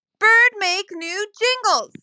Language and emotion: English, neutral